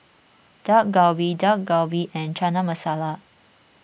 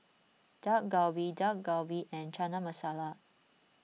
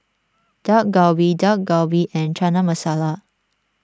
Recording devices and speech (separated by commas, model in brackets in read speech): boundary microphone (BM630), mobile phone (iPhone 6), standing microphone (AKG C214), read sentence